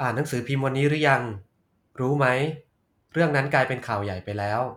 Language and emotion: Thai, neutral